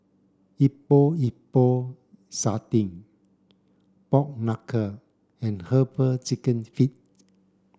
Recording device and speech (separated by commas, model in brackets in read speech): standing microphone (AKG C214), read sentence